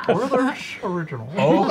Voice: drawls